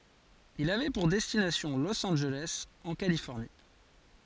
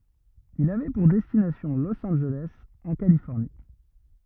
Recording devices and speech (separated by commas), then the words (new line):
forehead accelerometer, rigid in-ear microphone, read sentence
Il avait pour destination Los Angeles, en Californie.